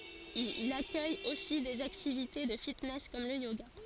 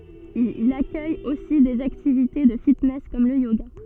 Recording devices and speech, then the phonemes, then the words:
forehead accelerometer, soft in-ear microphone, read sentence
il akœj osi dez aktivite də fitnɛs kɔm lə joɡa
Il accueille aussi des activités de fitness comme le yoga.

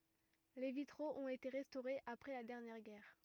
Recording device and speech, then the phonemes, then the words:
rigid in-ear microphone, read sentence
le vitʁoz ɔ̃t ete ʁɛstoʁez apʁɛ la dɛʁnjɛʁ ɡɛʁ
Les vitraux ont été restaurés après la dernière guerre.

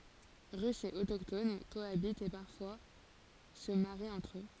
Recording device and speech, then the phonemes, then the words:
forehead accelerometer, read sentence
ʁysz e otokton koabitt e paʁfwa sə maʁit ɑ̃tʁ ø
Russes et autochtones cohabitent et parfois se marient entre eux.

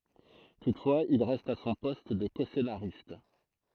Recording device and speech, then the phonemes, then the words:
throat microphone, read sentence
tutfwaz il ʁɛst a sɔ̃ pɔst də kɔsenaʁist
Toutefois, il reste à son poste de coscénariste.

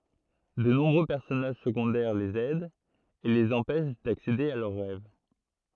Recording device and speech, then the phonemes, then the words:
throat microphone, read sentence
də nɔ̃bʁø pɛʁsɔnaʒ səɡɔ̃dɛʁ lez ɛdt e lez ɑ̃pɛʃ daksede a lœʁ ʁɛv
De nombreux personnages secondaires les aident et les empêchent d'accéder à leurs rêves.

